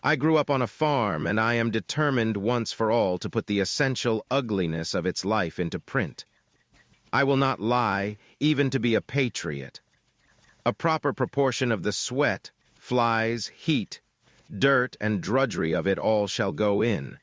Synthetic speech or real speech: synthetic